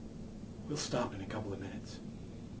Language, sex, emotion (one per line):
English
male
neutral